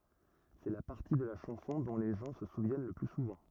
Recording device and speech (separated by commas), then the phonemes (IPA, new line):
rigid in-ear microphone, read sentence
sɛ la paʁti də la ʃɑ̃sɔ̃ dɔ̃ le ʒɑ̃ sə suvjɛn lə ply suvɑ̃